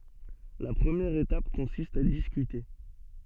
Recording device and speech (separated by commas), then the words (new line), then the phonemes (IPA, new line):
soft in-ear microphone, read sentence
La première étape consiste à discuter.
la pʁəmjɛʁ etap kɔ̃sist a diskyte